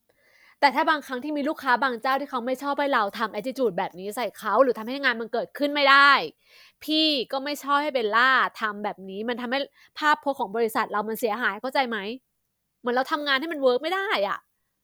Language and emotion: Thai, frustrated